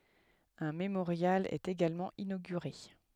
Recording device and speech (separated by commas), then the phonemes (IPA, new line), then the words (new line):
headset microphone, read sentence
œ̃ memoʁjal ɛt eɡalmɑ̃ inoɡyʁe
Un mémorial est également inauguré.